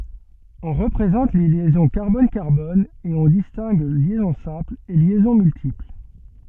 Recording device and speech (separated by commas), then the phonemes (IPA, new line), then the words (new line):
soft in-ear microphone, read sentence
ɔ̃ ʁəpʁezɑ̃t le ljɛzɔ̃ kaʁbɔn kaʁbɔn e ɔ̃ distɛ̃ɡ ljɛzɔ̃ sɛ̃pl e ljɛzɔ̃ myltipl
On représente les liaisons carbone-carbone et on distingue liaison simple et liaisons multiples.